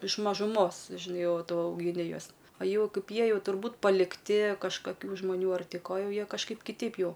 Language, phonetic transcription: Lithuanian, iš mažuˈmos žiˈnai ˈjau ˈtu augiˈni ˈjuos o ˈjau ˈkaip ˈjie ˈjau turˈbūt palikˈti kažkaˈkių žmaˈnių ar ˈti ˈko ˈjau ˈjie kažˈkaip kiˈteip ˈjau

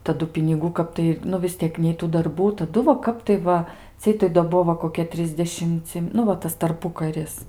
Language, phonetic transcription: Lithuanian, taˈdu piniˈgų ˈkap tai nu vis ˈtiek nei ˈtų darˈbų taˈdu va ˈkap tai ˈva ˈciej tai do ˈbuo va koˈkie ˈtrisdešimci nu ˈva ˈtas tarˈpukaris

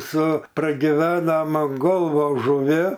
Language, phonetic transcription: Lithuanian, su pragiˈvenom an ˈgolvos žuˈvi

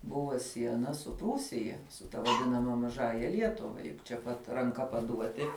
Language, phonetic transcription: Lithuanian, ˈbuvo ˈsiena su ˈprūsija su ta vaˈdinama maˈžąja ˈlietuva čia ˈpat ranˈka paˈduoti

